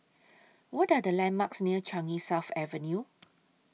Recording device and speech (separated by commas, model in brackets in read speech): mobile phone (iPhone 6), read sentence